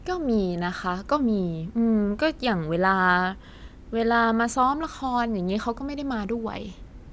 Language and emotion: Thai, neutral